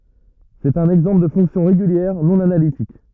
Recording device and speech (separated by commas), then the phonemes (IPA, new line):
rigid in-ear microphone, read sentence
sɛt œ̃n ɛɡzɑ̃pl də fɔ̃ksjɔ̃ ʁeɡyljɛʁ nɔ̃ analitik